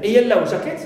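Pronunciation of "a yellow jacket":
'A yellow jacket' is said as a noun phrase, not as the compound noun, with the stress on the second word, 'jacket'.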